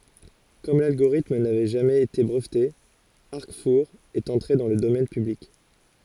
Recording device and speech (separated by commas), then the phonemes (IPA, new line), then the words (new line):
forehead accelerometer, read sentence
kɔm lalɡoʁitm navɛ ʒamɛz ete bʁəvte aʁkfuʁ ɛt ɑ̃tʁe dɑ̃ lə domɛn pyblik
Comme l'algorithme n'avait jamais été breveté, Arcfour est entré dans le domaine public.